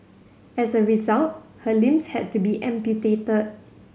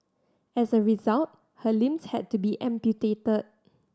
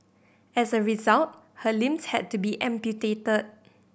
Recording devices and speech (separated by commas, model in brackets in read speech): mobile phone (Samsung C7100), standing microphone (AKG C214), boundary microphone (BM630), read sentence